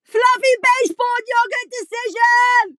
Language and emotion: English, sad